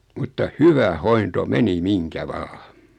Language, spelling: Finnish, mutta hyvä hoito meni mihinkä vain
- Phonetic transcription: mutta "hyvä "hointo "meni "miŋkä "vaa .

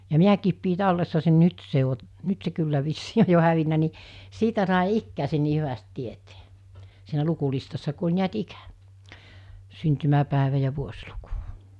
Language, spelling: Finnish, ja minäkin pidin tallessa sen nyt se - nyt se kyllä vissiin on jo hävinnyt niin siitä sai ikänsä niin hyvästi tietää siinä lukulistassa kun oli näet ikä syntymäpäivä ja vuosiluku
- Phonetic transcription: ja 'miäkiip pii 'tallessa sen 'nyt se o- , 'nyt se kyllä vissii oj jo 'hävinnä ni , 'siitä sàe 'ikkääsen̆ nii 'hyväst 'tietᴇᴇ , siinä 'lukulistassa ku oĺ 'niät "ikᴀ̈ , 'syntymäpä̀evä ja 'vuos̜lukᴜ .

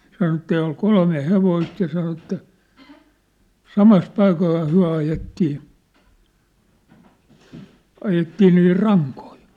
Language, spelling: Finnish, sanoi että oli kolme hevosta ja sanoi että samassa paikoissa he ajettiin ajettiin niin rankoja
- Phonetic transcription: sano että ol 'kolme 'hevoist ja sano että , 'samas 'paikoiha 'hyä̭ ajettii , 'ajettii nii "raŋkoi .

